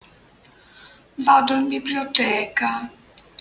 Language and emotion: Italian, sad